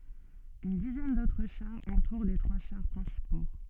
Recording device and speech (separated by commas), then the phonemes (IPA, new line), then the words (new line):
soft in-ear microphone, read sentence
yn dizɛn dotʁ ʃaʁz ɑ̃tuʁ le tʁwa ʃaʁ pʁɛ̃sipo
Une dizaine d'autres chars entourent les trois chars principaux.